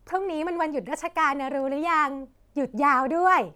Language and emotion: Thai, happy